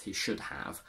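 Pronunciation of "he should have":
In 'he should have', the final word 'have' is said in its strong form, not its weak form.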